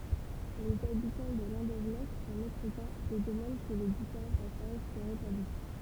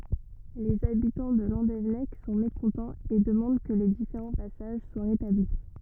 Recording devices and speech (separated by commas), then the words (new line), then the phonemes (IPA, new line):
temple vibration pickup, rigid in-ear microphone, read sentence
Les habitants de Landévennec sont mécontents et demandent que les différents passages soient rétablis.
lez abitɑ̃ də lɑ̃devɛnɛk sɔ̃ mekɔ̃tɑ̃z e dəmɑ̃d kə le difeʁɑ̃ pasaʒ swa ʁetabli